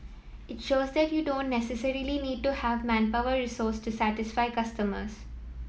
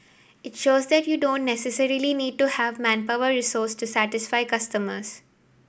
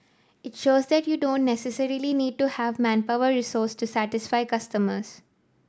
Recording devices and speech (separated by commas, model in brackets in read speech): mobile phone (iPhone 7), boundary microphone (BM630), standing microphone (AKG C214), read sentence